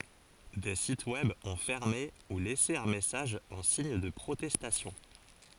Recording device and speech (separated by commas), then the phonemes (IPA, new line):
forehead accelerometer, read sentence
deə sitə wɛb ɔ̃ fɛʁme u lɛse œ̃ mɛsaʒ ɑ̃ siɲ də pʁotɛstasjɔ̃